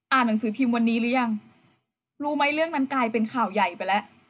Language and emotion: Thai, frustrated